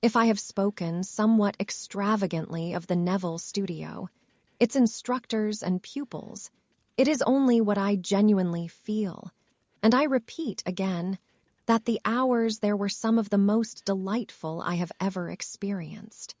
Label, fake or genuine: fake